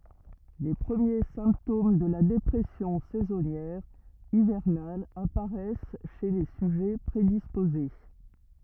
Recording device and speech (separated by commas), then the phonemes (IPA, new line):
rigid in-ear microphone, read sentence
le pʁəmje sɛ̃ptom də la depʁɛsjɔ̃ sɛzɔnjɛʁ ivɛʁnal apaʁɛs ʃe le syʒɛ pʁedispoze